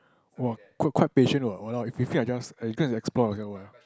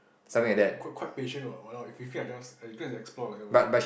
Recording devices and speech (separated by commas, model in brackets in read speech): close-talking microphone, boundary microphone, conversation in the same room